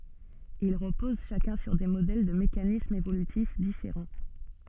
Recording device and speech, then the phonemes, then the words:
soft in-ear microphone, read sentence
il ʁəpoz ʃakœ̃ syʁ de modɛl də mekanismz evolytif difeʁɑ̃
Ils reposent chacun sur des modèles de mécanismes évolutifs différents.

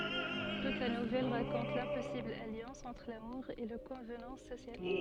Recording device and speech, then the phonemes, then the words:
soft in-ear microphone, read sentence
tut la nuvɛl ʁakɔ̃t lɛ̃pɔsibl aljɑ̃s ɑ̃tʁ lamuʁ e le kɔ̃vnɑ̃s sosjal
Toute la nouvelle raconte l'impossible alliance entre l'amour et les convenances sociales.

